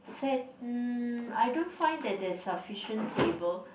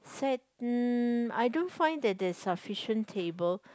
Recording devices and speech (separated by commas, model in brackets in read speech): boundary microphone, close-talking microphone, conversation in the same room